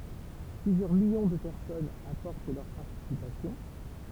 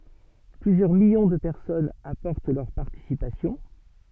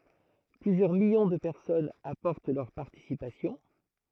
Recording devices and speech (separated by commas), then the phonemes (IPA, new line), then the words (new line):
temple vibration pickup, soft in-ear microphone, throat microphone, read sentence
plyzjœʁ miljɔ̃ də pɛʁsɔnz apɔʁt lœʁ paʁtisipasjɔ̃
Plusieurs millions de personnes apportent leur participation.